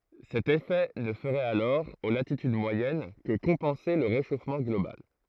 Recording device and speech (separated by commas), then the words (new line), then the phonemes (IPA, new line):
throat microphone, read sentence
Cet effet ne ferait alors, aux latitudes moyennes, que compenser le réchauffement global.
sɛt efɛ nə fəʁɛt alɔʁ o latityd mwajɛn kə kɔ̃pɑ̃se lə ʁeʃofmɑ̃ ɡlobal